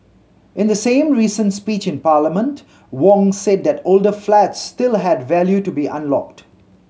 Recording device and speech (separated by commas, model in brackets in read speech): mobile phone (Samsung C7100), read sentence